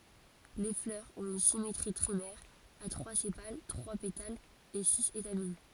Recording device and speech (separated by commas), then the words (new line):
forehead accelerometer, read sentence
Les fleurs ont une symétrie trimère, à trois sépales, trois pétales et six étamines.